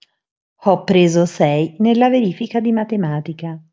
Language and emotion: Italian, neutral